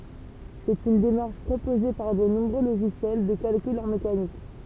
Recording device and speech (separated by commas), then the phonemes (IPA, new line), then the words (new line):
temple vibration pickup, read sentence
sɛt yn demaʁʃ pʁopoze paʁ də nɔ̃bʁø loʒisjɛl də kalkyl ɑ̃ mekanik
C'est une démarche proposée par de nombreux logiciels de calcul en mécanique.